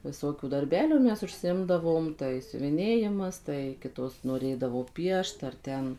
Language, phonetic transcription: Lithuanian, viˈsokių darˈbelių ˈmes užsiˈimdavom tai siuviˈnėjimas tai ˈkitos noˈrėdavo ˈpiešt ar ˈten

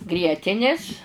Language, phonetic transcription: Lithuanian, ˈgrietinis

